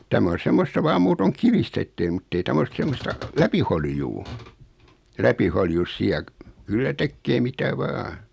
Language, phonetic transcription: Finnish, 'tämä on̬ 'semmosta vaam 'muutoŋ "kivistä ettei muttei 'täm ‿os 'semmosta , "läpiholjuu , 'läpiholjus siä , kyllä 'tekkee "mitä 'vaa .
- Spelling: tämä on semmoista vain muuten kivistä että ei mutta ei tämä ole semmoista läpiholjua läpiholjussa siellä kyllä tekee mitä vain

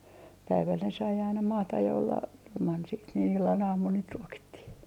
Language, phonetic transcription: Finnish, 'päiväl ne sai aina 'maataj ja olla , ilman siit niin 'illan 'aamun niit 'ruokittih .
- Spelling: päivällä ne sai aina maata ja olla ilman siitä niin illan aamun niitä ruokittiin

